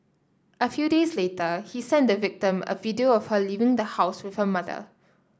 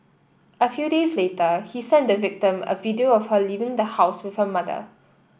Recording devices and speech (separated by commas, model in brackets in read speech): standing microphone (AKG C214), boundary microphone (BM630), read sentence